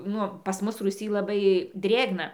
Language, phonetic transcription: Lithuanian, ˈnu pas ˈmus rūˈsy laˈbai ˈdrėgna

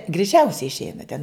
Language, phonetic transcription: Lithuanian, greiˈčiausiai išˈeina ten

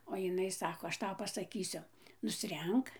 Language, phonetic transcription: Lithuanian, o jiˈnai ˈsako aš ˈtau pasaˈkysiu nusˈrenk

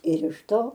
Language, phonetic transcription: Lithuanian, ir iš ˈto

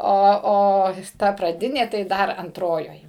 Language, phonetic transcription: Lithuanian, ˈo ˈo ˈta praˈdinė tai ˈdar anˈtrojoj

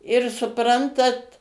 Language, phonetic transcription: Lithuanian, ir suˈprantat

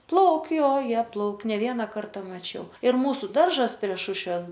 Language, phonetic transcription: Lithuanian, ˈplauk' jo ˈjie ˈplauk' ne ˈviena ˈkarta maˈčiau ir ˈmūsu ˈdaržas prie ˈšušves

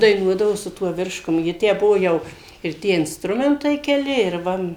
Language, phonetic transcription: Lithuanian, daiˈnuodavo su ˈtuo ˈvirškum ji ˈtę ˈbuvo ˈjau ir ˈtie insˈtrumentai keˈli ir ˈva

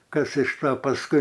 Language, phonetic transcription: Lithuanian, ˈkas iš ˈto pasˈkui

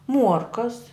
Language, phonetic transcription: Lithuanian, ˈmuorkas

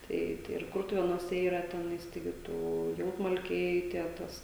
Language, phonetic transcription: Lithuanian, ˈtai tai ir ˈkurtuvėnuose ˈyra ˈtenais taiˈgi ˈtų ˈjautmalkiai tie ˈtas

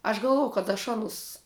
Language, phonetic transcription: Lithuanian, aš galˈvojau kad aš ˈanus

